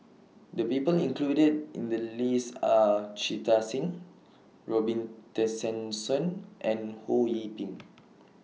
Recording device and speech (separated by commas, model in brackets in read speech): mobile phone (iPhone 6), read sentence